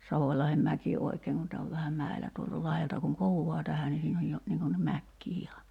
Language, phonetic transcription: Finnish, 'Savòⁱlahem'mäki 'oikeeŋ kun tää ov 'vähäm 'mäḙlä tuolta 'lahelta kuŋ 'kohuwoa tähä ni siin ‿oj jo , 'niiŋ kun (nim) 'mäkkii iha .
- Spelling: Savolahdenmäki oikein kun tämä on vähän mäellä tuolta lahdelta kun kohoaa tähän niin siinä on jo niin kuin niin mäkeä ihan

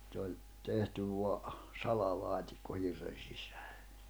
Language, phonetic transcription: Finnish, ᵗse oĺ , 'tehty vo̭a , 'salalaatikko 'hirren̬ sɪsᴀ̈ᴀ̈ .
- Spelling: se oli tehty vain salalaatikko hirren sisään

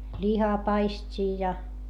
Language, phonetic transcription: Finnish, ĺihapaist́ii ja .
- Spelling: lihapaistia ja

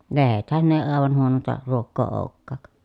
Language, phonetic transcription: Finnish, lehethän ne ee àevan huononta , ruokkò ou̬kkàk .
- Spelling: lehdethän ne ei aivan huonointa ruokaa olekaan

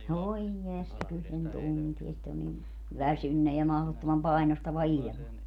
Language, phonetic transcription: Finnish, "voij jesta 'kyl sen "tuntie sit ‿on nin , "väsynne ja mahlottomam 'pai̮nostava "iĺma .
- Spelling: voi jestas kyllä sen tuntee sitä on niin väsynyt ja mahdottoman painostava ilma

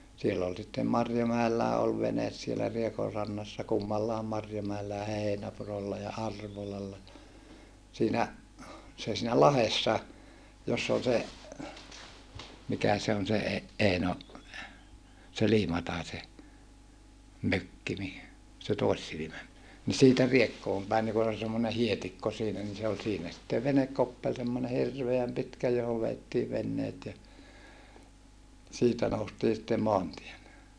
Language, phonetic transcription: Finnish, siell ‿ol sittem Marjomäellää ol venes sielä Riekorrannassa kummallàem Marjomäellä ja Heinäpurolla ja Arvolalla , siinä , se siinä lahessa , joss ‿ol se , mikä se on se e- , Eino , se Liimataise , mökki ni , se tòissilimä , ni siitä Riekkoom päin ni kun ‿ol (se) semmone hietikko siinä ni se ol siinä sitte venekkoppel semmone hirveäm pitkä johov veettiiv venneet ja , siitä noustii sⁱtte moantiele .
- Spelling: siellä oli sitten Marjomäelläkin oli vene siellä Riekonrannassa kummallakin Marjomäellä ja Heinäpurolla ja Arvolalla siinä se siinä lahdessa jossa oli se mikä se on se - Eino se Liimataisen mökki niin se toissilmä niin siitä Riekkoon päin niin kun oli se semmoinen hietikko siinä niin se oli siinä sitten venekkoppeli semmoinen hirveän pitkä johon vedettiin veneet ja siitä noustiin sitten maantielle

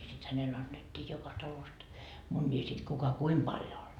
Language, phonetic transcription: Finnish, sit 'hänel 'annettii joka 'talost , muńńii sit 'kuka "kuim Baljon anDo .
- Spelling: sitten hänelle annettiin joka talosta munia sitten kuka kuinka paljon antoi

